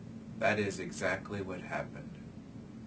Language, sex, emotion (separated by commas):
English, male, neutral